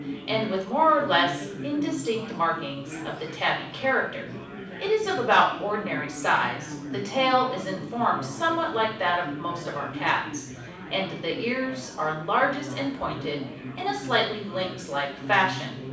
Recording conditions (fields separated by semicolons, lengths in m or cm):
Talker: one person; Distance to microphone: 5.8 m; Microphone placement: far; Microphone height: 1.8 m; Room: medium-sized (5.7 m by 4.0 m); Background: babble